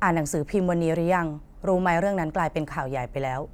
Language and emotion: Thai, neutral